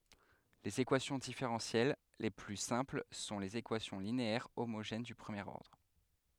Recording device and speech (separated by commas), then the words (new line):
headset microphone, read sentence
Les équations différentielles les plus simples sont les équations linéaires homogènes du premier ordre.